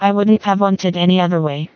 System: TTS, vocoder